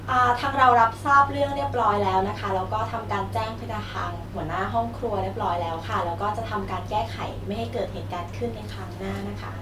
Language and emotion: Thai, neutral